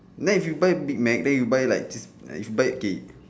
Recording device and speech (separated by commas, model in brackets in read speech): standing microphone, conversation in separate rooms